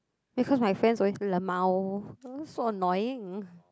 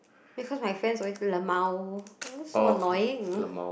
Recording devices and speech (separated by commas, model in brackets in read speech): close-talking microphone, boundary microphone, conversation in the same room